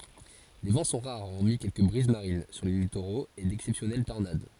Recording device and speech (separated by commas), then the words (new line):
forehead accelerometer, read sentence
Les vents sont rares hormis quelques brises marines sur les littoraux et d'exceptionnelles tornades.